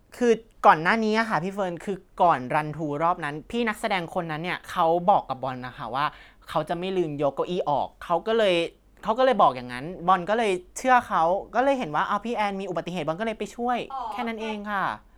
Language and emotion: Thai, frustrated